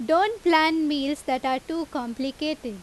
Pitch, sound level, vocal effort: 295 Hz, 90 dB SPL, very loud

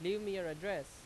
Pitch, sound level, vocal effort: 195 Hz, 92 dB SPL, very loud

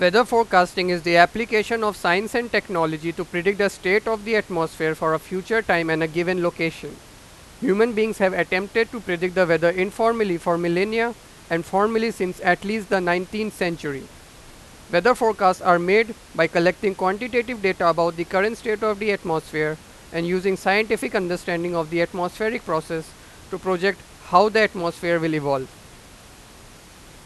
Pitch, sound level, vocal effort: 185 Hz, 96 dB SPL, very loud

